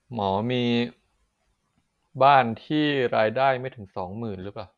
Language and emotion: Thai, frustrated